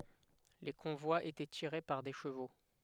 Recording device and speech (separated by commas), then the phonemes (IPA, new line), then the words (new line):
headset microphone, read sentence
le kɔ̃vwaz etɛ tiʁe paʁ de ʃəvo
Les convois étaient tirés par des chevaux.